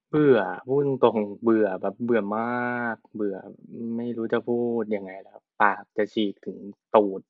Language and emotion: Thai, frustrated